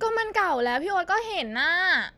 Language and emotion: Thai, frustrated